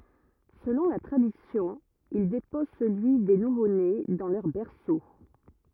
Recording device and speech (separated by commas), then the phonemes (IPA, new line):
rigid in-ear microphone, read sentence
səlɔ̃ la tʁadisjɔ̃ il depɔz səlyi de nuvone dɑ̃ lœʁ bɛʁso